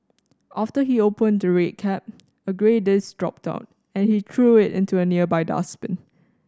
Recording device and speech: standing microphone (AKG C214), read sentence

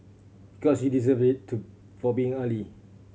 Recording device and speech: mobile phone (Samsung C7100), read sentence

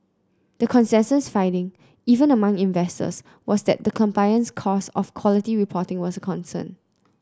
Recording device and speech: close-talking microphone (WH30), read sentence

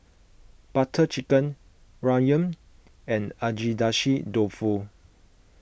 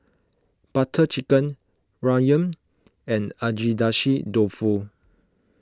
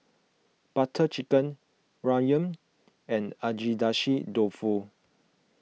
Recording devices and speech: boundary microphone (BM630), close-talking microphone (WH20), mobile phone (iPhone 6), read sentence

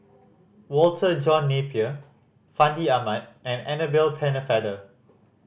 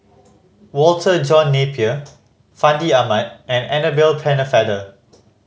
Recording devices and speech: boundary microphone (BM630), mobile phone (Samsung C5010), read sentence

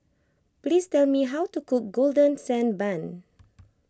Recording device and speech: close-talking microphone (WH20), read sentence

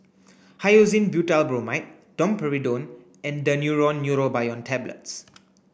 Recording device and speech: boundary microphone (BM630), read sentence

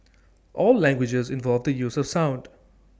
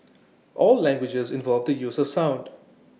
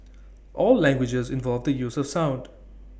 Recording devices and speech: standing microphone (AKG C214), mobile phone (iPhone 6), boundary microphone (BM630), read sentence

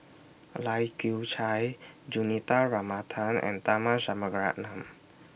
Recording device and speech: boundary microphone (BM630), read sentence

